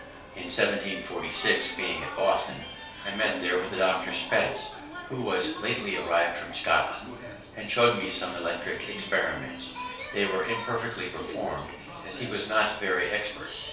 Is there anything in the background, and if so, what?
A television.